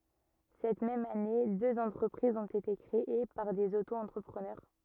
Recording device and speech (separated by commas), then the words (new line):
rigid in-ear microphone, read sentence
Cette même année, deux entreprises ont été créées par des auto-entrepreneurs.